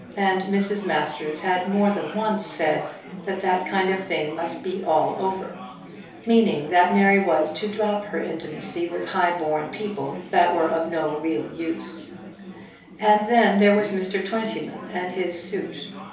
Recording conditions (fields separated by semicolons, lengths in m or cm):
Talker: one person; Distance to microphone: 3.0 m; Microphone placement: far; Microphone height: 1.8 m; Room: small (3.7 m by 2.7 m); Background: babble